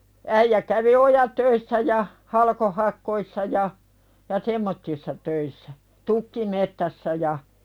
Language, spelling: Finnish, äijä kävi ojatöissä ja - halkohakkuissa ja ja semmoisissa töissä tukkimetsässä ja
- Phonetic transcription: 'äijä kävi "ojätöissä ja , 'halkohak̆koi ssa ja , ja "semmottissa töissä , 'tukki"met-tässä ja ,.

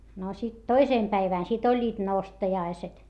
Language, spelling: Finnish, no sitten toisen päivän sitten olivat nostajaiset
- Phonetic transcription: no sit toisèm päivä̀n , sit ‿oĺĺiit nostajaiset .

